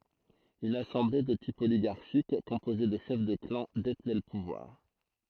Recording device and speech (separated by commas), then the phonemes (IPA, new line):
throat microphone, read sentence
yn asɑ̃ble də tip oliɡaʁʃik kɔ̃poze də ʃɛf də klɑ̃ detnɛ lə puvwaʁ